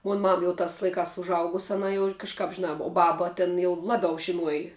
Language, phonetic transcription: Lithuanian, ˈmon ˈmam ˈjau ˈtās laiˈkās užˈaugus aˈna jau kažˈkāp žiˈnā o ˈbaba ˈtin jau ˈlabiau žiˈnuoji

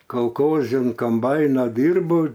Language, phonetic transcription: Lithuanian, kalˈkozi an komˈbaino ˈdyrbau

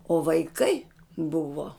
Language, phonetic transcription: Lithuanian, o vaiˈkai ˈbuvo

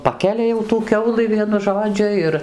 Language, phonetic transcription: Lithuanian, ˈpakelia jau tų ˈkiaulɨ ˈvienu ˈžodžiu ˈir

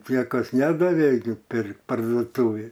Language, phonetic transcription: Lithuanian, ˈniekas ˈnedavė gi ˈpirkt parduoˈtūvėj

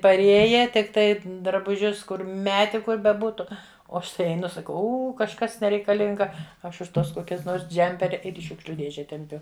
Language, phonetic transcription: Lithuanian, parˈėja tikˈtai drabuˈžius ˈkur ˈmeti ˈkur beˈbūtu o ˈaš tai eiˈnu saˈkau ˈū kažˈkas nereikaˈlinga ˈaš už ˈtuos ˈkokias ˈnors ˈdžemperi ˈir į ˈšiūkšliu ˈdėže temˈpiu

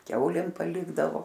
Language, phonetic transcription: Lithuanian, ˈkiaulėm paˈlikdavo

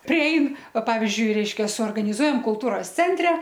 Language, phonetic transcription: Lithuanian, priˈein ˈva ˈpavizdžiui ˈreiškia suorganiˈzuojam kulˈtūros ˈcentre

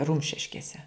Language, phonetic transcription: Lithuanian, ˈrumšiškėse

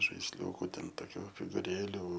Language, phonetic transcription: Lithuanian, žaisˈliūku ˈten toˈkių figuˈrėlių

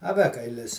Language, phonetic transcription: Lithuanian, aˈvekailis

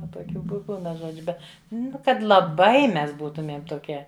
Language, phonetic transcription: Lithuanian, ˈva toˈkių bu ˈpilna ˈžodžiu ˈbet ˈnu ˈkad laˈbai ˈmes ˈbūtumiem toˈkie

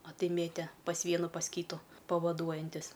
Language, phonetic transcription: Lithuanian, a ˈtai ˈmėtė pas ˈvienu pas ˈkytu pavaˈduojantis'

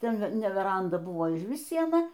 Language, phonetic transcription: Lithuanian, ˈten ne ˈveranda ˈbuvo ižˈvis ˈsiena

